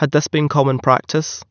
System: none